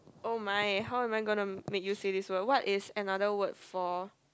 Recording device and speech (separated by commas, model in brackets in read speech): close-talking microphone, conversation in the same room